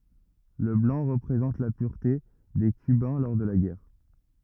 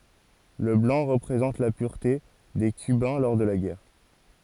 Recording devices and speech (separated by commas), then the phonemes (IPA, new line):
rigid in-ear microphone, forehead accelerometer, read sentence
lə blɑ̃ ʁəpʁezɑ̃t la pyʁte de kybɛ̃ lɔʁ də la ɡɛʁ